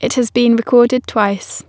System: none